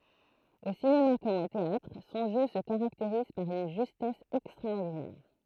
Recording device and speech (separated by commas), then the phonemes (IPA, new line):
throat microphone, read sentence
o sinema kɔm o teatʁ sɔ̃ ʒø sə kaʁakteʁiz paʁ yn ʒystɛs ɛkstʁaɔʁdinɛʁ